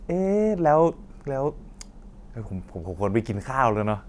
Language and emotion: Thai, happy